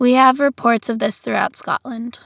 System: none